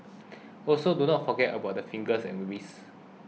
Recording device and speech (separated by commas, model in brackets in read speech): mobile phone (iPhone 6), read sentence